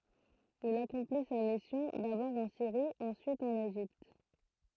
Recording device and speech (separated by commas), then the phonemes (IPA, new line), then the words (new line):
throat microphone, read sentence
il akɔ̃pli sa misjɔ̃ dabɔʁ ɑ̃ siʁi ɑ̃syit ɑ̃n eʒipt
Il accomplit sa mission, d'abord en Syrie, ensuite en Égypte.